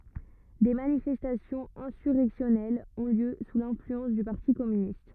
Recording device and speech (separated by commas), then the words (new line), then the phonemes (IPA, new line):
rigid in-ear microphone, read sentence
Des manifestations insurrectionnelles ont lieu sous l'influence du parti communiste.
de manifɛstasjɔ̃z ɛ̃syʁɛksjɔnɛlz ɔ̃ ljø su lɛ̃flyɑ̃s dy paʁti kɔmynist